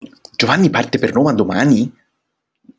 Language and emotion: Italian, surprised